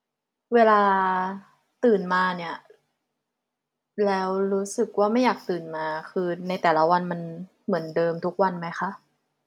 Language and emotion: Thai, neutral